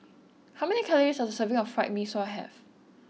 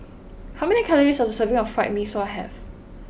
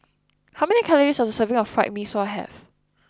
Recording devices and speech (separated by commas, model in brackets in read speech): mobile phone (iPhone 6), boundary microphone (BM630), close-talking microphone (WH20), read sentence